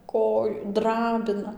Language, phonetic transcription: Lithuanian, ˈkoj ˈdrabina

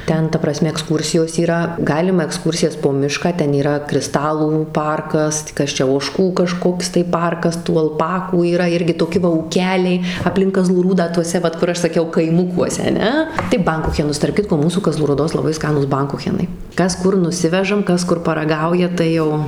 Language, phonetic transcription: Lithuanian, ˈten ta praˈsme ekˈskūrsijos yˈra ˈgalima ekˈskūrsijas po ˈmišką ˈten yˈra kriˈstalų ˈparkas tai ˈkas ˈčia oˈžkų kaˈžkoks tai ˈparkas tų alˈpakų yˈra ˈirgi toˈki va ūˈkeliai apˈlink kaˈzlų ˈrūdą tuoˈse ˈvat kur ˈaš saˈkiau kaiˈmukuose aˈne tai ˈbankuchenus tarp ˈkitko ˈmūsų kaˈzlų rūˈdos laˈbai ˈskanūs ˈbankuchenai ˈkas ˈkur nuˈsivežam ˈkas ˈkur paraˈgauja tai ˈjau

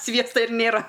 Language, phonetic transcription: Lithuanian, ˈsviesta ir ˈnėra

